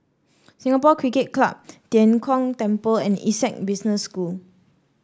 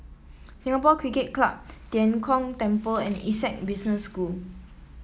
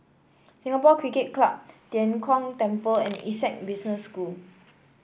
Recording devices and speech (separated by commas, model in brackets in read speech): standing microphone (AKG C214), mobile phone (iPhone 7), boundary microphone (BM630), read sentence